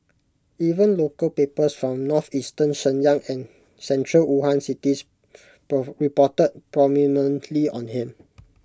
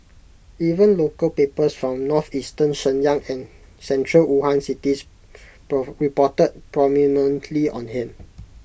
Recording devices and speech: close-talking microphone (WH20), boundary microphone (BM630), read sentence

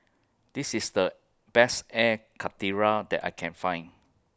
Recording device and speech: close-talking microphone (WH20), read sentence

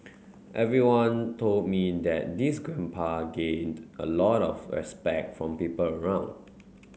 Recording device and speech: mobile phone (Samsung C9), read sentence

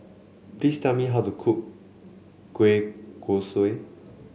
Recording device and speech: mobile phone (Samsung C7), read sentence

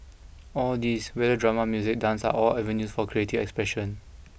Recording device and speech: boundary microphone (BM630), read sentence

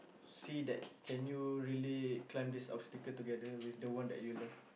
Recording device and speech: boundary microphone, conversation in the same room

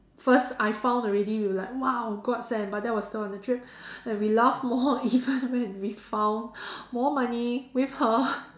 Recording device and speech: standing microphone, conversation in separate rooms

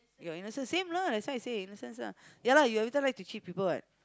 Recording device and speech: close-talking microphone, conversation in the same room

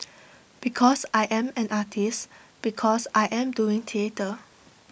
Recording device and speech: boundary microphone (BM630), read sentence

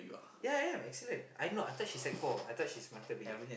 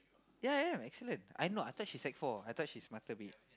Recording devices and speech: boundary microphone, close-talking microphone, conversation in the same room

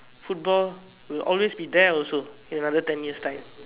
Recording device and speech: telephone, conversation in separate rooms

